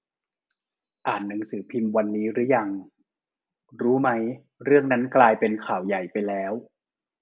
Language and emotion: Thai, neutral